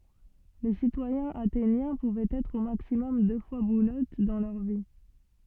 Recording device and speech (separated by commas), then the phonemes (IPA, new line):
soft in-ear microphone, read sentence
le sitwajɛ̃z atenjɛ̃ puvɛt ɛtʁ o maksimɔm dø fwa buløt dɑ̃ lœʁ vi